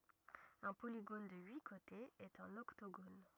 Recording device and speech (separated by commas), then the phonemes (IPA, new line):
rigid in-ear microphone, read sentence
œ̃ poliɡon də yi kotez ɛt œ̃n ɔktoɡon